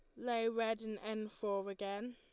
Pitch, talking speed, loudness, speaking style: 220 Hz, 190 wpm, -40 LUFS, Lombard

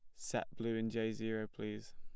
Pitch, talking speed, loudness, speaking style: 110 Hz, 205 wpm, -41 LUFS, plain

